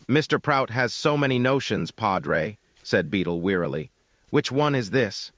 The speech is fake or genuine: fake